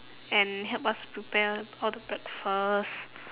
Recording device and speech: telephone, conversation in separate rooms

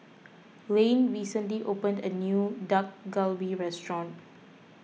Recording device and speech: mobile phone (iPhone 6), read sentence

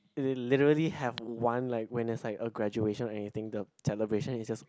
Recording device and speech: close-talking microphone, conversation in the same room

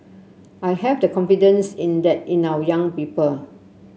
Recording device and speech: mobile phone (Samsung C7), read sentence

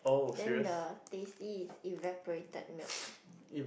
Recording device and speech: boundary microphone, conversation in the same room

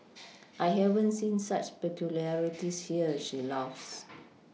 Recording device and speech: mobile phone (iPhone 6), read sentence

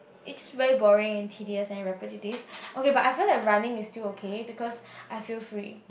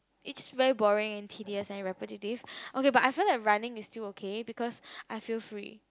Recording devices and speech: boundary microphone, close-talking microphone, conversation in the same room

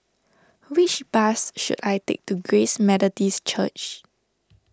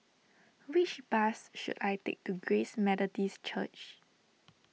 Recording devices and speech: standing microphone (AKG C214), mobile phone (iPhone 6), read sentence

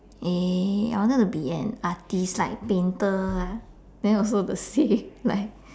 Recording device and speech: standing microphone, conversation in separate rooms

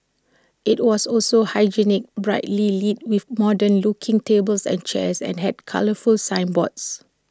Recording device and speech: standing microphone (AKG C214), read sentence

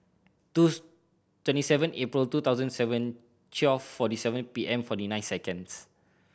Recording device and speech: boundary microphone (BM630), read sentence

